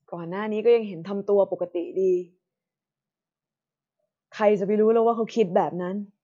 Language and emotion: Thai, frustrated